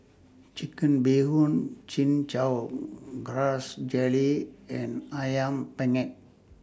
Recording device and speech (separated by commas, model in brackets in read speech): standing microphone (AKG C214), read sentence